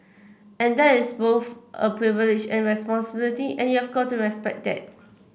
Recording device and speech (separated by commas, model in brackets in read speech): boundary microphone (BM630), read sentence